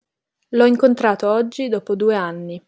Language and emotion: Italian, neutral